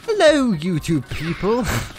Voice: Wacky voice